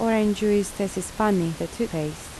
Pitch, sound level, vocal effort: 200 Hz, 78 dB SPL, soft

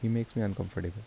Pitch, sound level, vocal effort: 110 Hz, 74 dB SPL, soft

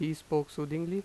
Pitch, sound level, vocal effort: 155 Hz, 87 dB SPL, normal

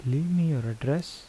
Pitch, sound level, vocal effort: 140 Hz, 77 dB SPL, soft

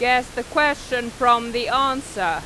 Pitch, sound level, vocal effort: 250 Hz, 97 dB SPL, loud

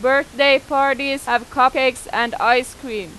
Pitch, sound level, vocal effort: 260 Hz, 95 dB SPL, very loud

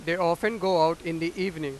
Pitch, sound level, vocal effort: 170 Hz, 99 dB SPL, very loud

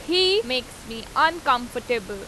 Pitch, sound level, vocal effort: 255 Hz, 93 dB SPL, very loud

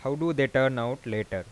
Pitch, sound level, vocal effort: 130 Hz, 90 dB SPL, normal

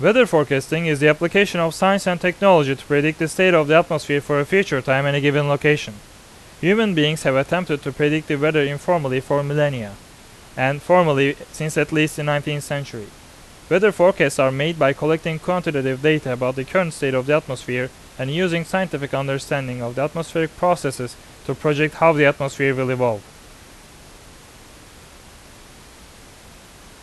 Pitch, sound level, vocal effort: 150 Hz, 90 dB SPL, loud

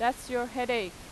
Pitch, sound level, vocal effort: 245 Hz, 91 dB SPL, loud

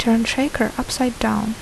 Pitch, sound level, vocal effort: 230 Hz, 70 dB SPL, soft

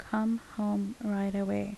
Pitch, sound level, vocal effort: 205 Hz, 76 dB SPL, soft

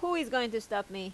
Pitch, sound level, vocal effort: 225 Hz, 89 dB SPL, loud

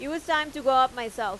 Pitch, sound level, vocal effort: 270 Hz, 95 dB SPL, loud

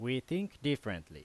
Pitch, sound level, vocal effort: 130 Hz, 88 dB SPL, very loud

